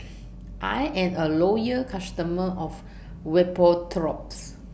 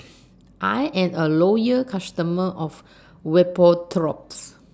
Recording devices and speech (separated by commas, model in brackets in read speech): boundary microphone (BM630), standing microphone (AKG C214), read sentence